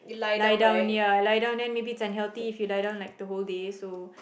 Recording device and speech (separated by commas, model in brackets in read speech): boundary microphone, conversation in the same room